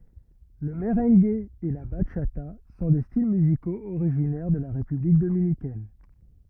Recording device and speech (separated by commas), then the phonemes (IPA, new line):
rigid in-ear microphone, read sentence
lə məʁɑ̃ɡ e la baʃata sɔ̃ de stil myzikoz oʁiʒinɛʁ də la ʁepyblik dominikɛn